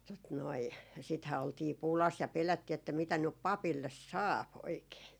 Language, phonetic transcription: Finnish, tot noi , sithää oltii "pulas ja 'pelättii että mitä nyp 'papilles "saap 'oikee .
- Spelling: tuota noin sittenhän oltiin pulassa ja pelättiin että mitä nyt papille saa oikein

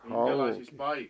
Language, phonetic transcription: Finnish, 'hàuki .
- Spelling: hauki

